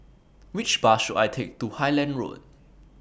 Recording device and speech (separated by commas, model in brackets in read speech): boundary microphone (BM630), read sentence